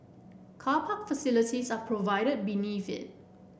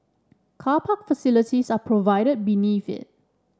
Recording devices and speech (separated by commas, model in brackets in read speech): boundary microphone (BM630), standing microphone (AKG C214), read sentence